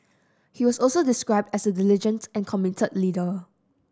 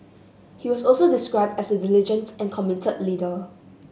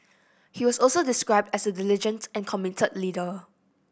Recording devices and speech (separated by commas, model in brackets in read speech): standing microphone (AKG C214), mobile phone (Samsung S8), boundary microphone (BM630), read sentence